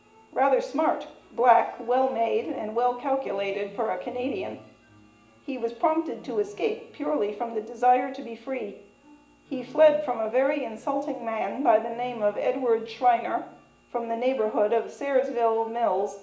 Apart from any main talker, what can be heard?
Music.